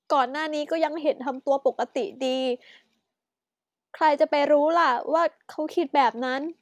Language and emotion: Thai, sad